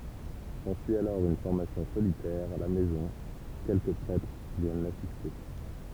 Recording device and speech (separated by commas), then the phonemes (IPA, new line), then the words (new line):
temple vibration pickup, read sentence
sɑ̃syi alɔʁ yn fɔʁmasjɔ̃ solitɛʁ a la mɛzɔ̃ u kɛlkə pʁɛtʁ vjɛn lasiste
S'ensuit alors une formation solitaire, à la maison, où quelques prêtres viennent l'assister.